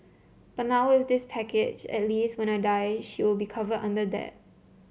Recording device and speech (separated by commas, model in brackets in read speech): mobile phone (Samsung C7), read sentence